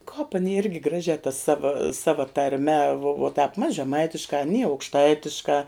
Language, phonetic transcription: Lithuanian, kāp aˈni ˈirgi ˈgražiā ta ˈsava ˈsava tarˈme vo tāp mas žeˈmaitiškā aˈny aukšˈtaitiškā

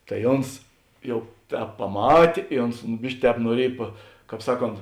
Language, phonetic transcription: Lithuanian, tai ˈons ˈjau ˈtēp paˈmatė i ˈons ˈbiški ˈtēp nuoˈriej pa ˈkāp ˈsaˌkont

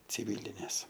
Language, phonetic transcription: Lithuanian, ciˈvilinės

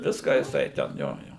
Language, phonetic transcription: Lithuanian, ˈviską jiˈsai ten ˈjo ˈjo

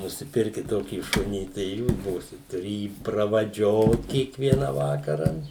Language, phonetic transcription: Lithuanian, nusiˈpirkit ˈtokį ˈšunį tai i ˈjūs ˈbūsit tuˈri ˈjį pravaˈdžiot kiekˈviena ˈvakara

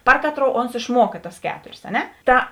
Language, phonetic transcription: Lithuanian, ˈpar kaˌtrou ons išˈmuoka tas ˈketorės a ˈne ˈta

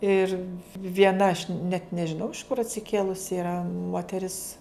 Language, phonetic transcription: Lithuanian, ˈir vieˈna aš net nežiˈnau iš kur atsiˈkėlusi iˈra moteˈris

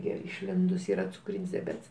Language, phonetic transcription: Lithuanian, ˈgi išˈlindus ˈyra cuˈkryn's' diaˈbets

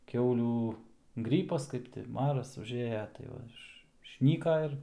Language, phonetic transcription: Lithuanian, ˈkiaulių ˈgrypas ˈkaip ti ˈmaras užˈėja tai ˈva ˈiš išˈnyka ir

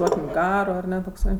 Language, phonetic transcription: Lithuanian, ˈduokim ˈgaro aˈne tokˈsai

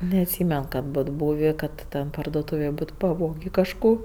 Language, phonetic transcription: Lithuanian, neatˈsymen kad ˈbot ˈbūvė ˈkad ten parduoˈtūvėj ˈbot paˈvogė kažˈko

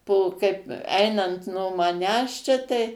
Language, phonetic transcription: Lithuanian, po ˈkaip ˈainant no maˈnęs čia tai

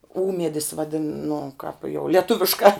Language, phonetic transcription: Lithuanian, ˈūmiedis vaˈdin nu kāp jau lieˈtuviškā

